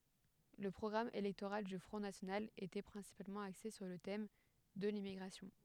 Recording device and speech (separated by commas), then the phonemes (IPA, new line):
headset microphone, read sentence
lə pʁɔɡʁam elɛktoʁal dy fʁɔ̃ nasjonal etɛ pʁɛ̃sipalmɑ̃ akse syʁ lə tɛm də limmiɡʁasjɔ̃